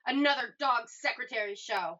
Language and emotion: English, angry